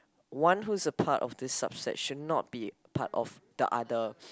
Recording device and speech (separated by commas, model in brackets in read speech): close-talking microphone, conversation in the same room